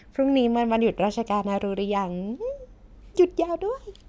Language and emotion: Thai, happy